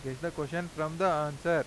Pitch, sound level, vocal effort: 160 Hz, 93 dB SPL, loud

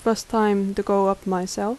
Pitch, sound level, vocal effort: 200 Hz, 80 dB SPL, soft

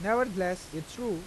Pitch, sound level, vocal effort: 185 Hz, 90 dB SPL, normal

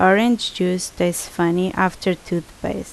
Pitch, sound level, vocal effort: 180 Hz, 78 dB SPL, loud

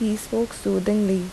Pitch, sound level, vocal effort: 210 Hz, 78 dB SPL, soft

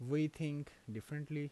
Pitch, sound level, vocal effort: 145 Hz, 81 dB SPL, normal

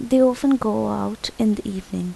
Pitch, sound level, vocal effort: 200 Hz, 78 dB SPL, soft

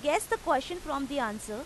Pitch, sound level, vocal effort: 280 Hz, 92 dB SPL, loud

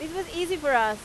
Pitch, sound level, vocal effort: 315 Hz, 95 dB SPL, loud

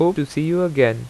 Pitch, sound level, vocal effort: 150 Hz, 87 dB SPL, normal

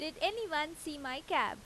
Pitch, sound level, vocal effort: 310 Hz, 91 dB SPL, loud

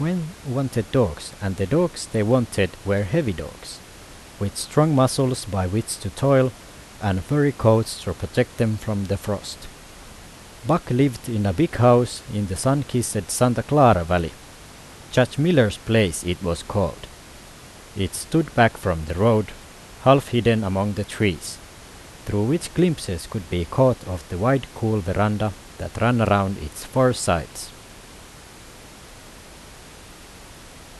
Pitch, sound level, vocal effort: 110 Hz, 83 dB SPL, normal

